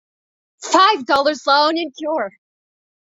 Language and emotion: English, happy